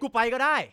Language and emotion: Thai, angry